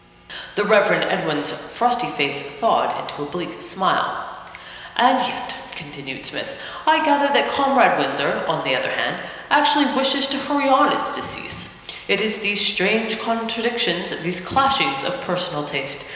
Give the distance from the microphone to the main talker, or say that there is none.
1.7 m.